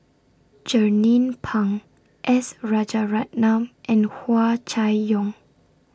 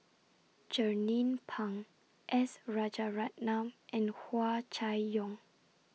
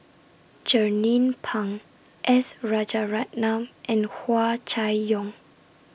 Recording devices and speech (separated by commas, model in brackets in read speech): standing microphone (AKG C214), mobile phone (iPhone 6), boundary microphone (BM630), read sentence